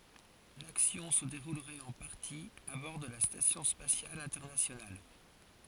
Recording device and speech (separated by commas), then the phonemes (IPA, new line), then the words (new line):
forehead accelerometer, read sentence
laksjɔ̃ sə deʁulʁɛt ɑ̃ paʁti a bɔʁ də la stasjɔ̃ spasjal ɛ̃tɛʁnasjonal
L'action se déroulerait en partie à bord de la Station spatiale internationale.